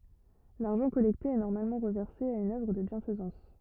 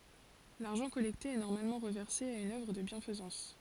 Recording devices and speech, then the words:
rigid in-ear microphone, forehead accelerometer, read sentence
L’argent collecté est normalement reversé à une œuvre de bienfaisance.

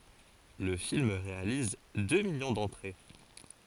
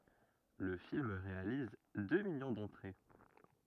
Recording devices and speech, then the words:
forehead accelerometer, rigid in-ear microphone, read sentence
Le film réalise deux millions d'entrées.

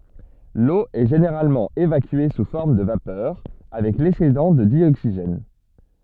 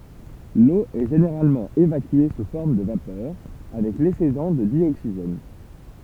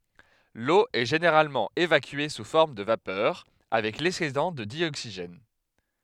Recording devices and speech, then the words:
soft in-ear microphone, temple vibration pickup, headset microphone, read sentence
L'eau est généralement évacuée sous forme de vapeur avec l'excédent de dioxygène.

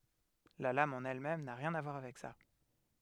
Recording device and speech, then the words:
headset microphone, read sentence
La lame en elle-même n'a rien à voir avec ça.

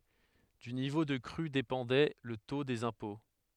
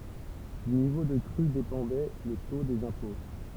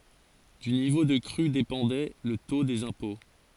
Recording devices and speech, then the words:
headset microphone, temple vibration pickup, forehead accelerometer, read sentence
Du niveau de crue dépendait le taux des impôts.

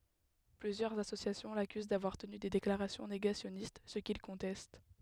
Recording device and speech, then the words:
headset microphone, read sentence
Plusieurs associations l'accusent d'avoir tenu des déclarations négationnistes, ce qu'il conteste.

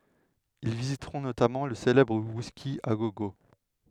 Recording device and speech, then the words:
headset microphone, read sentence
Ils visiteront notamment le célèbre Whisky a Go Go.

